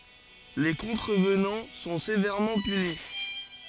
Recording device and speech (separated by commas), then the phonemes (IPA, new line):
forehead accelerometer, read sentence
le kɔ̃tʁəvnɑ̃ sɔ̃ sevɛʁmɑ̃ pyni